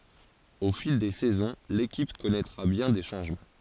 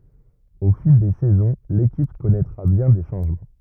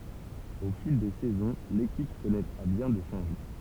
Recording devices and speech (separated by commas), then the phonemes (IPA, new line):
forehead accelerometer, rigid in-ear microphone, temple vibration pickup, read sentence
o fil de sɛzɔ̃ lekip kɔnɛtʁa bjɛ̃ de ʃɑ̃ʒmɑ̃